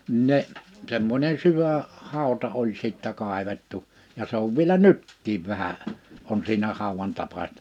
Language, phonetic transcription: Finnish, n[iin] 'ne , 'semmońe 'syvä , 'hàu̬ta 'oĺ sittä 'kàevettu , ja 'se ‿ov viᵉlä "nyttiiv 'vähä , on 'siinä 'hàowan 'tapaśtᴀ .
- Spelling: niin ne semmoinen syvä hauta oli sitten kaivettu ja se on vielä nytkin vähän on siinä haudan tapaista

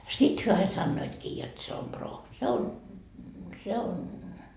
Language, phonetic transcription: Finnish, 'sit hyö ai 'sannoitkii jot se om 'proo , se on ,.
- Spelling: sitten he aina sanoivatkin jotta se on proo se on

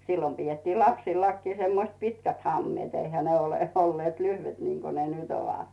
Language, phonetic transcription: Finnish, 'sillom piettiil "lapsillakkii semmoⁱst 'pitkät hammⁱeet 'eihä ne olè olleet "lyhvet niŋko ne 'nyt ‿ovat .
- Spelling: silloin pidettiin lapsillakin semmoiset pitkät hameet eihän ne ole olleet lyhyet niin kuin ne nyt ovat

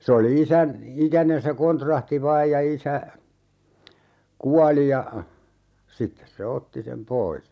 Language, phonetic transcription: Finnish, se oli 'isän , "ikänen se 'kontrahti "vaaj ja 'isä , "kuali ja , 'sittes se 'otti sem "pois .
- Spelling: se oli isän ikäinen se kontrahti vain ja isä kuoli ja sitten se otti sen pois

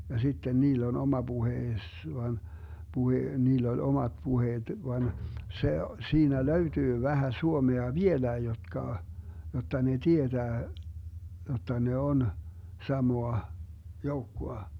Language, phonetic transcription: Finnish, ja 'sitten 'niill ‿on 'oma 'Buhees van , 'Buhe , 'niill ‿oĺ 'omat 'puheet van , 'se , 'siinä "löytyy 'vähä 'suomea "vieläi jotka , 'jotta ne "tietää , 'jotta ne 'on , 'samoa , 'joukkoa .
- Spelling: ja sitten niillä on oma puheensa vaan puhe niillä oli omat puheet vaan se siinä löytyy vähän suomea vieläkin jotka jotta ne tietää jotta ne on samaa joukkoa

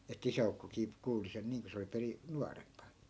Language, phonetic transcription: Finnish, ettᵃ̈ 'isä₍ukkokii , 'kuuli sen 'niiŋ ko se oli 'peri- , "nua rempa .
- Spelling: että isäukkokin kuuli sen niin kun se oli - - nuorempi

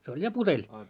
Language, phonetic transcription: Finnish, se oĺ 'ja "puteĺ .
- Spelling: se oli ja puteli

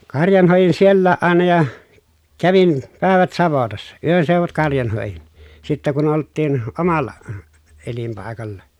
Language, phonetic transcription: Finnish, karjan hòejin siellääʼ ʼàena ja , kävin , pä̀evät savotassa , yönseuvut karjan hòejin , sittä kun olttiin , omal̀a , elimpài̮kalla .
- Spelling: karjan hoidin sielläkin aina ja kävin päivät savotassa yönseudut karjan hoidin sitten kun oltiin omalla elinpaikalla

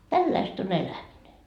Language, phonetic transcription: Finnish, "tälläist on 'elämine .
- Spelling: tällaista on eläminen

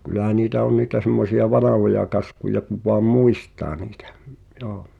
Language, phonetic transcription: Finnish, kyl̆lähä niitä on niitä semmosi₍a "vanahoja 'kaskuja kuv voam "muist̀aa niitᴀ̈ , joo .
- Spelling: kyllähän niitä on niitä semmoisia vanhoja kaskuja kun vain muistaa niitä joo

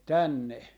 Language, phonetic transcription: Finnish, 'tänne .
- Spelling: tänne

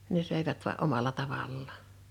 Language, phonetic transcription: Finnish, 'ne 'sö̀ivät voa "’omala 'tavallaa .
- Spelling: ne söivät vain omalla tavallaan

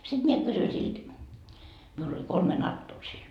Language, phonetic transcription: Finnish, sit mie 'kysyi silt , miul ‿oĺ 'kolme "nattoo siin .
- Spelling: sitten minä kysyin siltä minulla oli kolme natoa siinä

